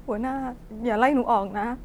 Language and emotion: Thai, sad